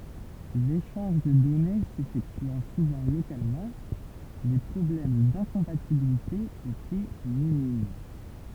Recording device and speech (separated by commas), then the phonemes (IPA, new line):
temple vibration pickup, read sentence
leʃɑ̃ʒ də dɔne sefɛktyɑ̃ suvɑ̃ lokalmɑ̃ le pʁɔblɛm dɛ̃kɔ̃patibilite etɛ minim